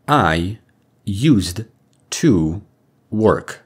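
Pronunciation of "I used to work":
'I used to work' is said in an extremely direct way, not the way it would be heard in connected speech.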